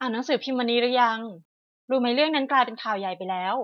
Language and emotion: Thai, neutral